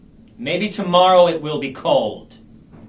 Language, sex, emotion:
English, male, angry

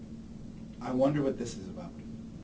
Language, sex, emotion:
English, male, neutral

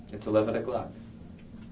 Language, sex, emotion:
English, male, neutral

